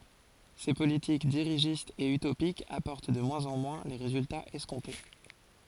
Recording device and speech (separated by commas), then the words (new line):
forehead accelerometer, read sentence
Ces politiques dirigistes et utopiques apportent de moins en moins les résultats escomptés.